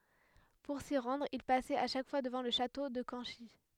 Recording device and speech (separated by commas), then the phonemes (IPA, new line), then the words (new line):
headset microphone, read sentence
puʁ si ʁɑ̃dʁ il pasɛt a ʃak fwa dəvɑ̃ lə ʃato də kɑ̃ʃi
Pour s'y rendre, il passait à chaque fois devant le château de Canchy.